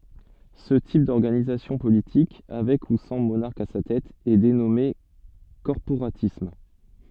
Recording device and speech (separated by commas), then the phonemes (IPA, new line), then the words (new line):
soft in-ear microphone, read sentence
sə tip dɔʁɡanizasjɔ̃ politik avɛk u sɑ̃ monaʁk a sa tɛt ɛ denɔme kɔʁpoʁatism
Ce type d'organisation politique, avec ou sans monarque à sa tête, est dénommé corporatisme.